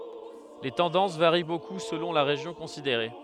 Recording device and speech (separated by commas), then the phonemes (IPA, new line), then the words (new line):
headset microphone, read sentence
le tɑ̃dɑ̃s vaʁi boku səlɔ̃ la ʁeʒjɔ̃ kɔ̃sideʁe
Les tendances varient beaucoup selon la région considérée.